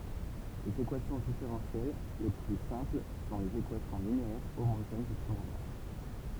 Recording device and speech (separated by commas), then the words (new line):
temple vibration pickup, read sentence
Les équations différentielles les plus simples sont les équations linéaires homogènes du premier ordre.